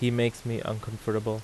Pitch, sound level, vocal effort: 110 Hz, 83 dB SPL, normal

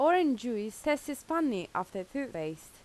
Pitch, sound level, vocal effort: 275 Hz, 87 dB SPL, loud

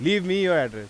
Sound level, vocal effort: 97 dB SPL, loud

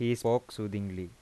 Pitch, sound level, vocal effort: 115 Hz, 85 dB SPL, normal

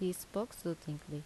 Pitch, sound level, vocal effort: 170 Hz, 77 dB SPL, normal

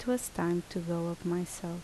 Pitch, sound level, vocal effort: 175 Hz, 74 dB SPL, soft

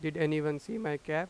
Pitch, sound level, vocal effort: 155 Hz, 91 dB SPL, normal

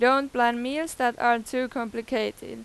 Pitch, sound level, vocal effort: 240 Hz, 93 dB SPL, very loud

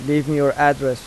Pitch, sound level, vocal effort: 145 Hz, 88 dB SPL, normal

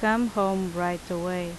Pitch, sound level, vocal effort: 180 Hz, 83 dB SPL, loud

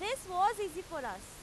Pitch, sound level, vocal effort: 375 Hz, 98 dB SPL, very loud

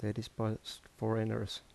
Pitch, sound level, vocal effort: 110 Hz, 76 dB SPL, soft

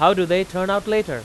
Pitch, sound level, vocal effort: 190 Hz, 98 dB SPL, very loud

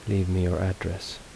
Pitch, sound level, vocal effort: 95 Hz, 72 dB SPL, soft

